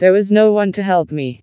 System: TTS, vocoder